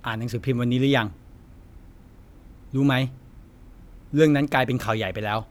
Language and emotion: Thai, frustrated